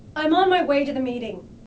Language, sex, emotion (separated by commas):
English, female, angry